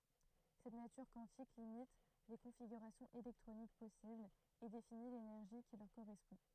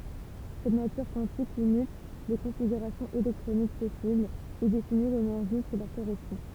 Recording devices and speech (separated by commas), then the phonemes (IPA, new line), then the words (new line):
throat microphone, temple vibration pickup, read sentence
sɛt natyʁ kwɑ̃tik limit le kɔ̃fiɡyʁasjɔ̃z elɛktʁonik pɔsiblz e defini lenɛʁʒi ki lœʁ koʁɛspɔ̃
Cette nature quantique limite les configurations électroniques possibles et définit l'énergie qui leur correspond.